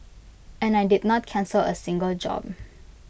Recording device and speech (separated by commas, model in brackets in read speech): boundary microphone (BM630), read sentence